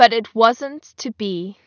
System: none